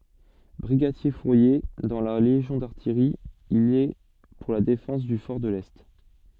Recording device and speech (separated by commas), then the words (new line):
soft in-ear microphone, read sentence
Brigadier-fourrier dans la légion d’artillerie, il est pour la défense du fort de l'Est.